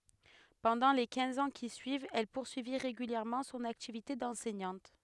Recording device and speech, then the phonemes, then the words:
headset microphone, read sentence
pɑ̃dɑ̃ le kɛ̃z ɑ̃ ki syivt ɛl puʁsyi ʁeɡyljɛʁmɑ̃ sɔ̃n aktivite dɑ̃sɛɲɑ̃t
Pendant les quinze ans qui suivent, elle poursuit régulièrement son activité d'enseignante.

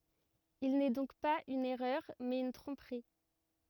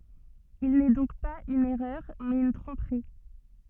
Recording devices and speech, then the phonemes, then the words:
rigid in-ear microphone, soft in-ear microphone, read sentence
il nɛ dɔ̃k paz yn ɛʁœʁ mɛz yn tʁɔ̃pʁi
Il n’est donc pas une erreur, mais une tromperie.

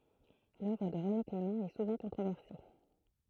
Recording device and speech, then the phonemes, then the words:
throat microphone, read sentence
lœvʁ də ʁəne klemɑ̃ ɛ suvɑ̃ kɔ̃tʁovɛʁse
L’œuvre de René Clément est souvent controversée.

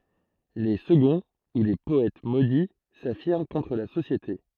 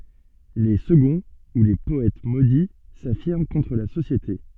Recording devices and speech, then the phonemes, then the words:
throat microphone, soft in-ear microphone, read sentence
le səɡɔ̃ u le pɔɛt modi safiʁm kɔ̃tʁ la sosjete
Les seconds ou les Poètes Maudits s'affirment contre la société.

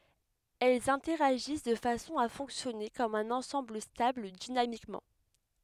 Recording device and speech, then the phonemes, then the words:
headset microphone, read sentence
ɛlz ɛ̃tɛʁaʒis də fasɔ̃ a fɔ̃ksjɔne kɔm œ̃n ɑ̃sɑ̃bl stabl dinamikmɑ̃
Elles interagissent de façon à fonctionner comme un ensemble stable dynamiquement.

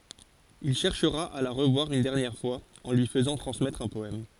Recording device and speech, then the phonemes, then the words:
forehead accelerometer, read sentence
il ʃɛʁʃʁa a la ʁəvwaʁ yn dɛʁnjɛʁ fwaz ɑ̃ lyi fəzɑ̃ tʁɑ̃smɛtʁ œ̃ pɔɛm
Il cherchera à la revoir une dernière fois, en lui faisant transmettre un poème.

